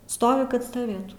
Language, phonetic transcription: Lithuanian, ˈstovi kad staˈvėtų

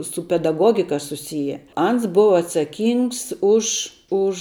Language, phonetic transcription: Lithuanian, su pedaˈgogika suˈsije ˈans ˈbuva atsaˈkyngs už ˈuž

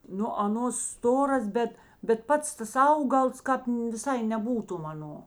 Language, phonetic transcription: Lithuanian, ˈnu aˈnos ˈstoras ˈbet bet ˈpats ˈtas ˈaugals ˈkāp viˈsai neˈbūtum aˈno

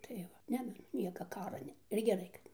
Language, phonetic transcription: Lithuanian, tai ˈva ˈne dar ˈnieka ˈkara ˈne ir geˈrai kad ˈne

